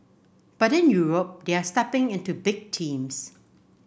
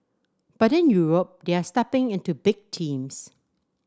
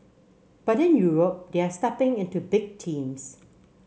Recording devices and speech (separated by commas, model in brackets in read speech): boundary microphone (BM630), standing microphone (AKG C214), mobile phone (Samsung C7), read sentence